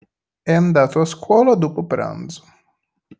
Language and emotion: Italian, neutral